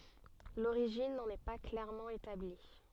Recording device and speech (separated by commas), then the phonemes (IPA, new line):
soft in-ear microphone, read sentence
loʁiʒin nɑ̃n ɛ pa klɛʁmɑ̃ etabli